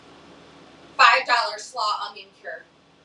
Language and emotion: English, angry